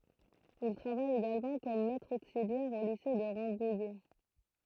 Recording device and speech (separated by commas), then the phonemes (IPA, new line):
throat microphone, read sentence
il tʁavaj eɡalmɑ̃ kɔm mɛtʁ oksiljɛʁ o lise də ʁɑ̃bujɛ